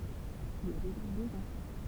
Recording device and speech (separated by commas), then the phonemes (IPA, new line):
temple vibration pickup, read sentence
il a deʒa døz ɑ̃fɑ̃